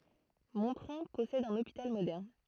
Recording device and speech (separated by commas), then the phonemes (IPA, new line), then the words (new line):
throat microphone, read sentence
mɔ̃tʁɔ̃ pɔsɛd œ̃n opital modɛʁn
Montrond possède un hôpital moderne.